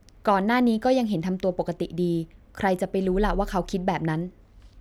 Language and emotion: Thai, neutral